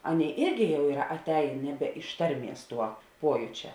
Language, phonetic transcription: Lithuanian, ˈaˌnėi ˈirgi jau ˈyra aˈtein ˈneˌbe iš ˈtarˌmies ˈtuo ˈpuojučia

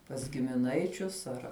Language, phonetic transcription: Lithuanian, pas gimiˈnaičius ˈar

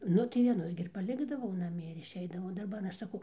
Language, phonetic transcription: Lithuanian, ˈnu tai vieˈnus gi ir paˈlikdavau naˈmie ir išˈeidavau darˈban ˈaš saˈkau

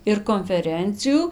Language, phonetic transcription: Lithuanian, ir konfeˈrencijų

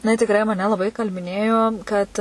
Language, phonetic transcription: Lithuanian, jiˈnai tikˈrai maˈne laˈbai įkalbiˈnėjo kad

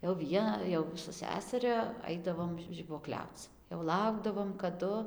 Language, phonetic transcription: Lithuanian, jau ˈvie jau su ˈseseria ˈaidavom žibuoˈkliauc jau ˈlaukdavom kaˈdu

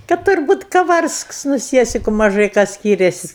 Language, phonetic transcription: Lithuanian, kad turˈbūt kaˈvarsks nu ˈsiesiku maˈžai ˈką ˈskyriasis'

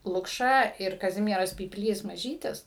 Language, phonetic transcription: Lithuanian, lukˈša ir kaˈzimieras pypˈlys maˈžytis

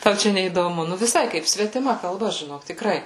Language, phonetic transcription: Lithuanian, ˈtau ˈčia neįdoˈmu ˈnu viˈsai ˈkaip svetiˈma kalˈba žiˈnok tikˈrai

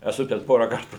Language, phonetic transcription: Lithuanian, eˈsu ten ˈpora ˈkartu

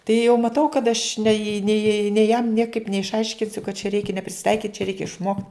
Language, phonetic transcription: Lithuanian, tai jau maˈtau kad aš nei nei nei jam ˈniekaip neišˈaiškinsiu kad čia ˈreikia ne prisiˈtaikyt' čiaˈreikia išˈmokt'

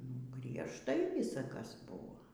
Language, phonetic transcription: Lithuanian, nu griežˈtai ˈvysa ˈkas ˈbuvo

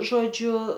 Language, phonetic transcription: Lithuanian, žoˈdžiu

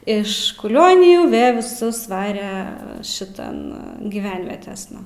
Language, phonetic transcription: Lithuanian, ˈiš kuˈlionijų ˈvė viˈsus ˈvare šiˈtan giˈvenvietėsna

